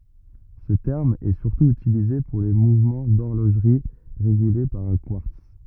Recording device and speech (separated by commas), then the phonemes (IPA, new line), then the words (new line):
rigid in-ear microphone, read sentence
sə tɛʁm ɛ syʁtu ytilize puʁ le muvmɑ̃ dɔʁloʒʁi ʁeɡyle paʁ œ̃ kwaʁts
Ce terme est surtout utilisé pour les mouvements d'horlogerie régulés par un quartz.